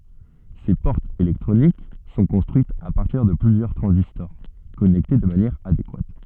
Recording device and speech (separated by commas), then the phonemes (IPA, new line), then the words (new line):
soft in-ear microphone, read sentence
se pɔʁtz elɛktʁonik sɔ̃ kɔ̃stʁyitz a paʁtiʁ də plyzjœʁ tʁɑ̃zistɔʁ kɔnɛkte də manjɛʁ adekwat
Ces portes électroniques sont construites à partir de plusieurs transistors connectés de manière adéquate.